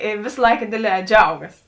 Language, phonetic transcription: Lithuanian, i ˈvės ˈlaika ˈdėdˌlē ˈdžiaugas

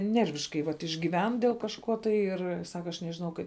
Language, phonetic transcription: Lithuanian, ˈnerviškai vat išgyˈven dėl kažˈko tai ˈir ˈsaka aš nežiˈnau kaip

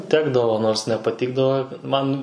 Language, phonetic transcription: Lithuanian, ˈtekdavo nors nepaˈtikdavo ˈman

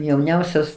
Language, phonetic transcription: Lithuanian, jauˈniausios

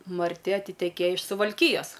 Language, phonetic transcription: Lithuanian, marˈti atiteˈkėja iš suvalˈkyjas

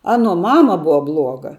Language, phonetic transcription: Lithuanian, ˈanuo ˈmama ˈbuva ˈbluoga

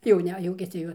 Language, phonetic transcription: Lithuanian, jauˈnia ˈjuokiasi jau

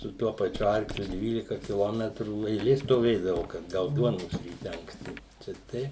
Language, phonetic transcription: Lithuanian, su ˈtuo paˈčiu ˈarkliu ˈdvylika kiˈlometrų eiˈlė stoˈvėdavau kad ˈgaut ˈduonos ryˈte anksˈti ˈčia ˈtei

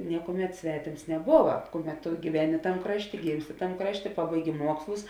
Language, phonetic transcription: Lithuanian, ˈniekuoˌmet ˈsvetėms neˈbova ˈkuˌmet tu gyˈveni ˈtam ˈkrašˌtė ˈgymsˌti ˈtam ˈkrašˌtė ˈpabaiˌgi ˈmuokslus

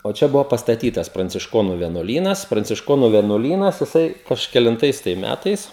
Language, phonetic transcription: Lithuanian, o ˈčia ˈbuvo pastaˈtytas prancišˈkonu vienuoˈlynas prancišˈkonu vienuoˈlynas jiˈsai kažkelinˈtais tai ˈmætais

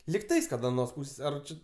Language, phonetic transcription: Lithuanian, likˈtais kad aˈnos ˈpūsės ˈar ˈči

